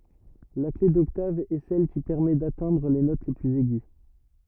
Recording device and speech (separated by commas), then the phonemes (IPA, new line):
rigid in-ear microphone, read sentence
la kle dɔktav ɛ sɛl ki pɛʁmɛ datɛ̃dʁ le not plyz ɛɡy